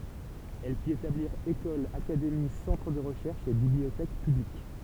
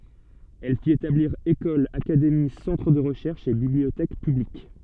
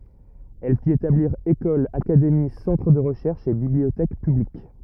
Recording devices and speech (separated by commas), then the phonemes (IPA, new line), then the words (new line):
temple vibration pickup, soft in-ear microphone, rigid in-ear microphone, read sentence
ɛl fit etabliʁ ekolz akademi sɑ̃tʁ də ʁəʃɛʁʃz e bibliotɛk pyblik
Elle fit établir écoles, académies, centres de recherches et bibliothèques publiques.